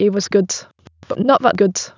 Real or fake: fake